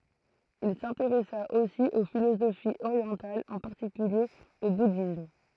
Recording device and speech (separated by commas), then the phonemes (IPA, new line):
throat microphone, read sentence
il sɛ̃teʁɛsa osi o filozofiz oʁjɑ̃talz ɑ̃ paʁtikylje o budism